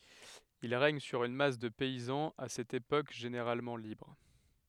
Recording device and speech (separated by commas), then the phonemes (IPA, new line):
headset microphone, read sentence
il ʁɛɲ syʁ yn mas də pɛizɑ̃z a sɛt epok ʒeneʁalmɑ̃ libʁ